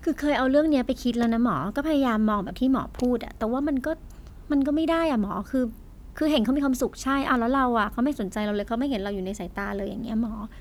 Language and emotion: Thai, frustrated